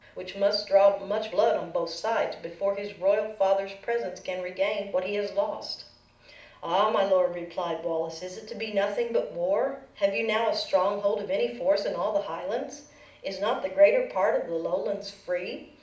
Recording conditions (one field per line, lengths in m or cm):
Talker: one person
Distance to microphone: 2.0 m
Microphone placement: close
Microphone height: 99 cm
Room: medium-sized (5.7 m by 4.0 m)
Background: none